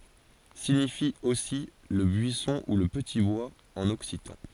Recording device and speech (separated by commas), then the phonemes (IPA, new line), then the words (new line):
forehead accelerometer, read sentence
siɲifi osi lə byisɔ̃ u lə pəti bwaz ɑ̃n ɔksitɑ̃
Signifie aussi le buisson ou le petit bois en occitan.